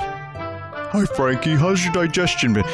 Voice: dumb voice